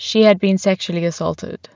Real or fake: real